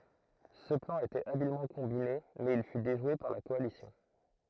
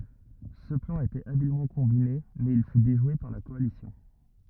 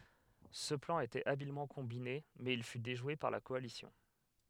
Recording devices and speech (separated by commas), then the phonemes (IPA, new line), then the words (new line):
throat microphone, rigid in-ear microphone, headset microphone, read sentence
sə plɑ̃ etɛt abilmɑ̃ kɔ̃bine mɛz il fy deʒwe paʁ la kɔalisjɔ̃
Ce plan était habilement combiné, mais il fut déjoué par la coalition.